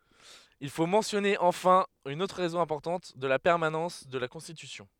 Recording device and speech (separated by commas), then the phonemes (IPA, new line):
headset microphone, read sentence
il fo mɑ̃sjɔne ɑ̃fɛ̃ yn otʁ ʁɛzɔ̃ ɛ̃pɔʁtɑ̃t də la pɛʁmanɑ̃s də la kɔ̃stitysjɔ̃